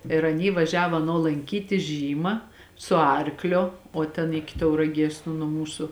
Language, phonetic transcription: Lithuanian, ir aˈny vaˈžiavo aˈno lanˈkyti ˈžyma su ˈarkˌlio o ˈten ˈiki tauraˈgies nu nuo ˈmūsu

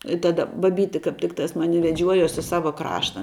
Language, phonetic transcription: Lithuanian, i ˈtada baˈbyti kap ˈtiktas ˈmani veˈdžiuojuos i ˈsava ˈkrašta

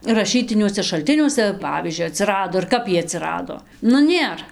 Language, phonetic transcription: Lithuanian, raˈšytiniuose šalˈtiniuose ˈpavyzdžiui aˈtsirado ir ˈkap iej atsiˈrado ˈnu ˈnėr

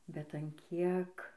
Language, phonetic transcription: Lithuanian, bet an ˈkiek

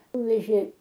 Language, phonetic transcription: Lithuanian, ˈnuvežė

